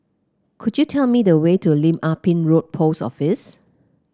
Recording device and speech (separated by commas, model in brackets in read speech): close-talking microphone (WH30), read sentence